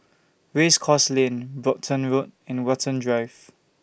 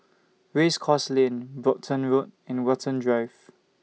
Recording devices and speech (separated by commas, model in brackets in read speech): boundary microphone (BM630), mobile phone (iPhone 6), read sentence